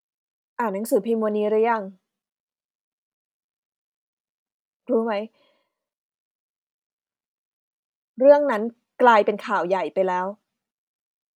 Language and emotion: Thai, frustrated